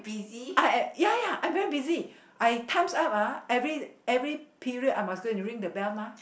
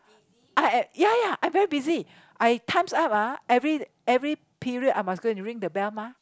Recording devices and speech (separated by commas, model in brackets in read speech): boundary microphone, close-talking microphone, conversation in the same room